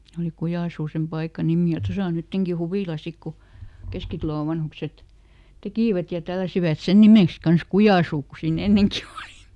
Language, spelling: Finnish, se oli Kujansuu sen paikan nimi ja tuossa on nytkin huvila sitten kun Keskitalon vanhukset tekivät ja tälläsivät sen nimeksi kanssa Kujansuu kun siinä ennenkin oli
- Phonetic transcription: se oli ˈKujàsuu sem ˈpaika "nimì , ja ˈtosa o ˈnytteŋki "huvìla ˈsik ku , ˈKeskitᵃlò ˈvanhukset , "tekìvät ja ˈtälläsivät "sen nimèks ˈkans "Kujàsuu ku siiˈn ‿enneŋki òli .

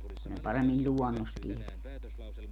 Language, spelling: Finnish, kun ne paremmin luonnosta tietää
- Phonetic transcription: ku ne 'paremmiĺ "ĺuonnost (tieteä) .

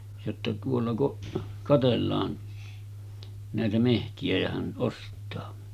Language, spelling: Finnish, jotta tuolla kun katsellaan näitä metsiä ja hän ostaa
- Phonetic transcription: jotta » tuolla kuˀ , 'katellaan nä̀etä 'mehti₍ä jä hän '’ost̆taa « .

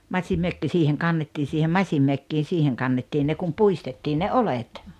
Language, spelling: Finnish, masinmökki siihen kannettiin siihen masinmökkiin siihen kannettiin ne kun puistettiin ne oljet
- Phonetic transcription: masimmökki 'siiheŋ 'kannettii siihem 'maśimmökkiin̬ 'siiheŋ kannettiin ne kum "puistettiin ne "olet .

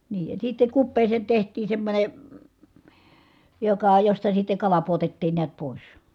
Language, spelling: Finnish, niin ja sitten kupeeseen tehtiin semmoinen joka josta sitten kala pudotettiin näet pois
- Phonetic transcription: nii , ja sitte kuppeeseen̬ teht̀iin̬ semmońe , joka josta sitte kala puotettiin niät pòis .

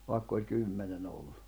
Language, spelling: Finnish, vaikka oli kymmenen ollut
- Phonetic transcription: vàikk ‿oĺ 'kymmene'n ‿ollᴜ .

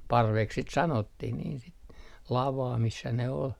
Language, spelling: Finnish, parveksi sitten sanottiin niin sitten lavaa missä ne oli
- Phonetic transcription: "parveks sit 'sanottih niin sit , 'lavaa missä ne 'ol .

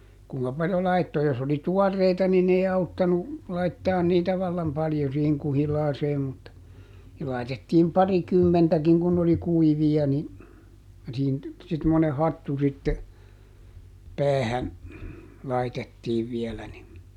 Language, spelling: Finnish, kuinka paljon laittoi jos oli tuoreita niin ei auttanut laittaa niitä vallan paljon siihen kuhilaaseen mutta siihen laitettiin parikymmentäkin kun ne oli kuivia niin siihen sitten semmoinen hattu sitten päähän laitettiin vielä niin
- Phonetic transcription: ˈkuŋka paljo ˈlaitto - jos oli "tuɔrreita niin ‿ei ˈauttanu , ˈlaittaan niitä vallam ˈpaljo siiheŋ ˈkuhilaaseem mutta , [sii]hil laitettiim "pariˈkymmentäkiŋ kun n ‿oli "kuivi₍a ni , ˈsiihin , sit [sem]mone ˈhattu sitte , "päähän , ˈlaitettiiv ˈvielä nin ,.

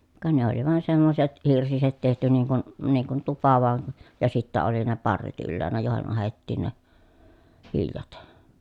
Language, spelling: Finnish, ka ne oli vain semmoiset hirsiset tehty niin kuin niin kuin tupa vain ja sitten oli ne parret ylhäänä joihin ahdettiin ne viljat
- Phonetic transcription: ka ne ‿oli vàen semmoset , hirsiset tehty niiŋ kun , niiŋ kun tupa vàen̬ , ja sittä oli ne parret ylläänä jòehen ahettiin ne , viljat .

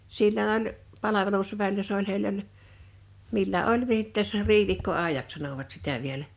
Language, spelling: Finnish, silloin oli palvelusväellä se oli heillä oli millä oli viittes riivikkoajaksi sanoivat sitä vielä
- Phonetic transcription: 'sillon ‿oĺ , 'palavelusväillä se ‿oĺ 'hei1l ‿oĺ , 'millä ’oĺ 'viittɛs , 'riivìkko'àejaks sanovat sitä vielä .

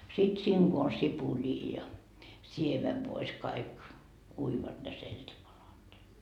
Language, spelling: Finnish, sitten siinä kun on sipulia ja siemenvoissa kaikki uivat ne seltipalat niin
- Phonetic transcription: sit 'siiŋ Go on 'sipulii ja , 'siemevvois kaik , uivat ne 'selt́ipalat ni ,.

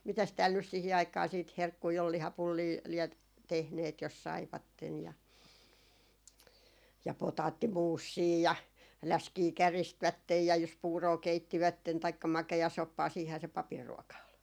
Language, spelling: Finnish, mitäs täällä nyt siihen aikaan sitten herkkuja oli lihapullia lie tehneet jos saivat ja ja potaattimuusia ja läskiä käristivät ja jos puuroa keittivät taikka makeasoppaa siinähän se papin ruoka oli
- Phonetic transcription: 'mitäs tääl nys sihi 'aik̀aa siit "herkkui ol , 'lihapullii liɛt , 'tehneet jos 'saivatten ja , ja 'potaatti"muussii ja , "läskii 'käristvättej ja jos "puuroo 'keittivätten taikka 'make₍asoppaa siihää se 'papir ruɔka ol .

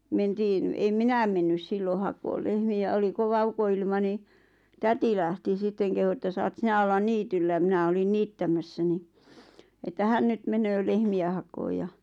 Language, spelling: Finnish, mentiin en minä mennyt silloin hakemaan lehmiä oli kova ukonilma niin täti lähti sitten kehui että saat sinä olla niityllä minä olin niittämässä niin että hän nyt menee lehmiä hakemaan ja
- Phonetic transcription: 'mentiin , em "minäm mennys 'sillo hakool lehmi₍ä 'oli 'kova "uko₍ilma ni , "täti lähti 'sitteŋ , kehu ᵉttä » saat 'sinä ollan 'niityllä « 'mⁱnä olin 'niittämässä ni , että 'hän nyt 'menöö 'lehmi₍ä hakooj ja ,.

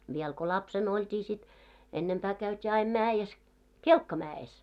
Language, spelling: Finnish, vielä kun lapsena oltiin sitten ennempää käytiin aina mäessä kelkkamäessä
- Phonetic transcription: viɛl ko "lapsen ‿olt́ii sit , 'ennempää käyt́ii aim 'määjes , "kelkkamää₍es .

